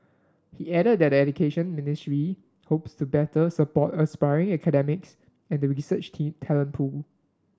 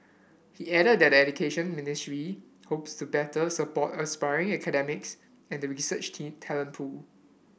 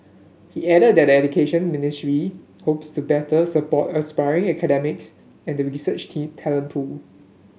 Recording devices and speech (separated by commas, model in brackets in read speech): standing microphone (AKG C214), boundary microphone (BM630), mobile phone (Samsung S8), read sentence